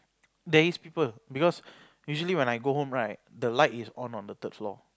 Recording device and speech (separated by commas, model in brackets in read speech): close-talking microphone, conversation in the same room